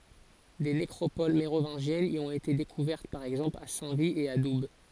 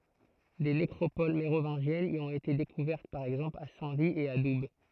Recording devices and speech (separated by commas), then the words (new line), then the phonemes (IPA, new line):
forehead accelerometer, throat microphone, read sentence
Des nécropoles mérovingiennes y ont été découvertes par exemple à Saint-Vit et à Doubs.
de nekʁopol meʁovɛ̃ʒjɛnz i ɔ̃t ete dekuvɛʁt paʁ ɛɡzɑ̃pl a sɛ̃ vi e a dub